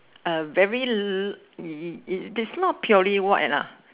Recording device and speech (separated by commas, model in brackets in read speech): telephone, conversation in separate rooms